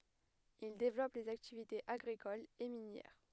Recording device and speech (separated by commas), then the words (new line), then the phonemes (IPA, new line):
headset microphone, read sentence
Ils développent les activités agricoles et minières.
il devlɔp lez aktivitez aɡʁikolz e minjɛʁ